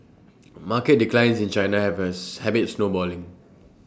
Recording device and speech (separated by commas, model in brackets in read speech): standing microphone (AKG C214), read sentence